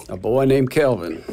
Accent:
in a deep southern accent